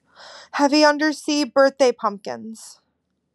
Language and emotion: English, fearful